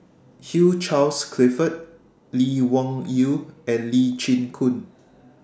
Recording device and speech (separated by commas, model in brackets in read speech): standing microphone (AKG C214), read sentence